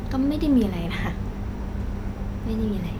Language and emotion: Thai, frustrated